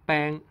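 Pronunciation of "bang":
The word 'bank' is said the Hong Kong English way, with its final k sound deleted.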